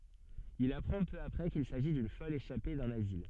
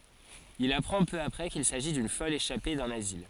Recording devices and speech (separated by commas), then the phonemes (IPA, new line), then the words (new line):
soft in-ear microphone, forehead accelerometer, read sentence
il apʁɑ̃ pø apʁɛ kil saʒi dyn fɔl eʃape dœ̃n azil
Il apprend peu après qu'il s'agit d'une folle échappée d'un asile.